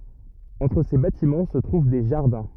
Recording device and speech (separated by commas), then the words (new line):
rigid in-ear microphone, read sentence
Entre ces bâtiments se trouvent des jardins.